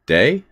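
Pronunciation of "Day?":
'Day' is said as a question, with the voice going up on it.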